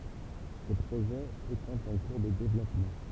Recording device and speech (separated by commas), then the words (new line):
temple vibration pickup, read sentence
Ces projets étant en cours de développement.